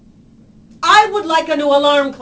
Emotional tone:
angry